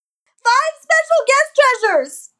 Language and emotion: English, sad